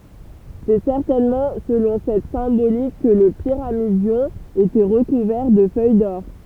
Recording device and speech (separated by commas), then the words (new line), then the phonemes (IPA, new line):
temple vibration pickup, read sentence
C'est certainement selon cette symbolique que le pyramidion était recouvert de feuilles d'or.
sɛ sɛʁtɛnmɑ̃ səlɔ̃ sɛt sɛ̃bolik kə lə piʁamidjɔ̃ etɛ ʁəkuvɛʁ də fœj dɔʁ